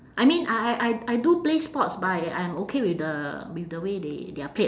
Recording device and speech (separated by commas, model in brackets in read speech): standing microphone, conversation in separate rooms